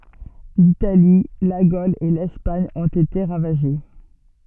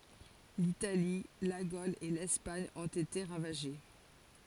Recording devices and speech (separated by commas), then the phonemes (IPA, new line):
soft in-ear microphone, forehead accelerometer, read sentence
litali la ɡol e lɛspaɲ ɔ̃t ete ʁavaʒe